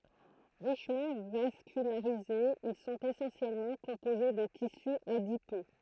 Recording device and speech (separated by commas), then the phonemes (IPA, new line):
throat microphone, read sentence
ʁiʃmɑ̃ vaskylaʁizez il sɔ̃t esɑ̃sjɛlmɑ̃ kɔ̃poze də tisy adipø